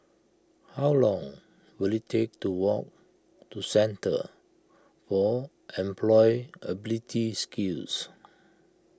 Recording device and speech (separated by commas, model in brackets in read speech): close-talking microphone (WH20), read sentence